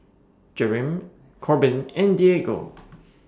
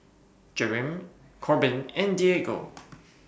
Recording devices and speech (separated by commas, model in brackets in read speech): standing microphone (AKG C214), boundary microphone (BM630), read sentence